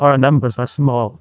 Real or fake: fake